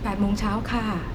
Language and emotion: Thai, neutral